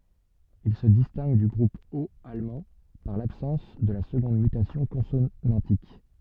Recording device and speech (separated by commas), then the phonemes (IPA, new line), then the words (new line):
soft in-ear microphone, read sentence
il sə distɛ̃ɡ dy ɡʁup ot almɑ̃ paʁ labsɑ̃s də la səɡɔ̃d mytasjɔ̃ kɔ̃sonɑ̃tik
Il se distingue du groupe haut allemand par l'absence de la seconde mutation consonantique.